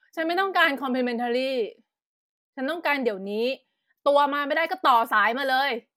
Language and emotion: Thai, angry